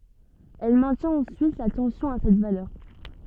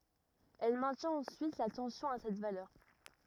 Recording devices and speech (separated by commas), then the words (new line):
soft in-ear microphone, rigid in-ear microphone, read sentence
Elle maintient ensuite la tension à cette valeur.